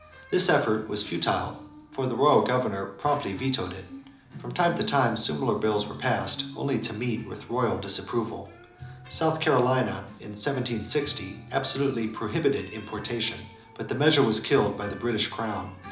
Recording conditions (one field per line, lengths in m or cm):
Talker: one person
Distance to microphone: 2.0 m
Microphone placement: close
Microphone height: 99 cm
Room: medium-sized (5.7 m by 4.0 m)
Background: music